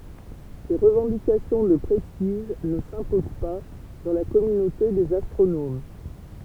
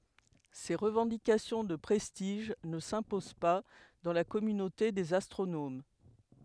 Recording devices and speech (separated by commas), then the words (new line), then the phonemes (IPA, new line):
temple vibration pickup, headset microphone, read sentence
Ces revendications de prestige ne s'imposent pas dans la communauté des astronomes.
se ʁəvɑ̃dikasjɔ̃ də pʁɛstiʒ nə sɛ̃pozɑ̃ pa dɑ̃ la kɔmynote dez astʁonom